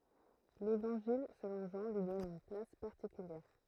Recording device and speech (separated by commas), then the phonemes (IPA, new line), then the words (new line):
throat microphone, read sentence
levɑ̃ʒil səlɔ̃ ʒɑ̃ lyi dɔn yn plas paʁtikyljɛʁ
L'évangile selon Jean lui donne une place particulière.